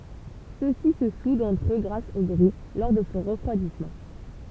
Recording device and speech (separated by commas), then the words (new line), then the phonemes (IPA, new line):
temple vibration pickup, read sentence
Ceux-ci se soudent entre eux grâce au grès, lors de son refroidissement.
søksi sə sudt ɑ̃tʁ ø ɡʁas o ɡʁɛ lɔʁ də sɔ̃ ʁəfʁwadismɑ̃